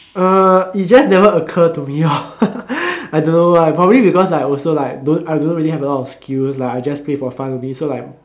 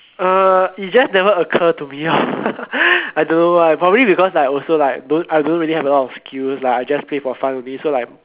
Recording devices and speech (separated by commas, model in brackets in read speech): standing microphone, telephone, conversation in separate rooms